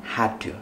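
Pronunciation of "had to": In 'had to', the two words are linked and flow together.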